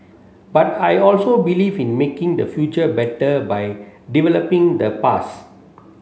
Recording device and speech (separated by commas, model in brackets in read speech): mobile phone (Samsung C7), read sentence